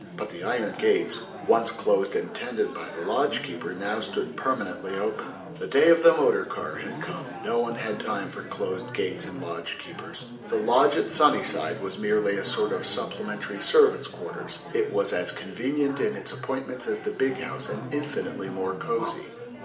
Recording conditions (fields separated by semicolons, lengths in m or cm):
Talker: one person; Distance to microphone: 1.8 m; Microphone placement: close; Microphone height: 1.0 m; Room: large; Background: babble